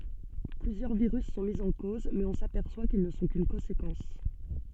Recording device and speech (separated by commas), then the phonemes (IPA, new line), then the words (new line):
soft in-ear microphone, read sentence
plyzjœʁ viʁys sɔ̃ mi ɑ̃ koz mɛz ɔ̃ sapɛʁswa kil nə sɔ̃ kyn kɔ̃sekɑ̃s
Plusieurs virus sont mis en cause, mais on s'aperçoit qu'ils ne sont qu'une conséquence.